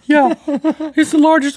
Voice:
silly voice